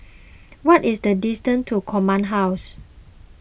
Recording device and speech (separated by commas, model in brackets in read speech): boundary microphone (BM630), read sentence